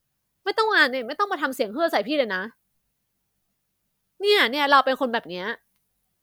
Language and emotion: Thai, frustrated